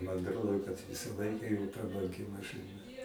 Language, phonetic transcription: Lithuanian, man atˈrodo kad ˈvisa ˈlaika jo prabanˈgi mašɨˈna

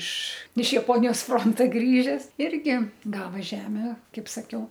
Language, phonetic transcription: Lithuanian, iš iš jaˈponijos ˈfronta ˈgrįžes ˈirgi ˈgava ˈžeme ˈkaip saˈkiau

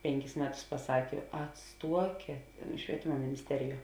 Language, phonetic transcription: Lithuanian, ˈpenˌkis ˈmeˌtus paˈsakė atˈstuokėt švieˈtima minisˈteriˌjuo

